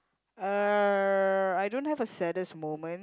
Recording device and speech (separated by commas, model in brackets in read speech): close-talking microphone, conversation in the same room